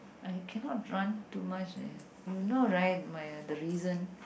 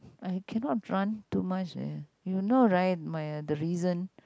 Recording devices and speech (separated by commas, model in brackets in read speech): boundary microphone, close-talking microphone, conversation in the same room